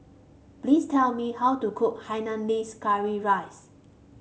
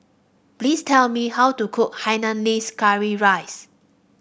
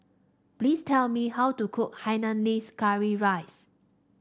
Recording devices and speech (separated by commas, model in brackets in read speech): mobile phone (Samsung C5), boundary microphone (BM630), standing microphone (AKG C214), read sentence